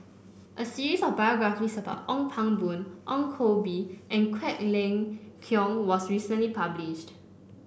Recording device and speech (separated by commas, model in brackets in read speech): boundary microphone (BM630), read sentence